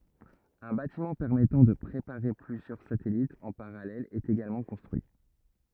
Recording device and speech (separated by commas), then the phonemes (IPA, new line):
rigid in-ear microphone, read sentence
œ̃ batimɑ̃ pɛʁmɛtɑ̃ də pʁepaʁe plyzjœʁ satɛlitz ɑ̃ paʁalɛl ɛt eɡalmɑ̃ kɔ̃stʁyi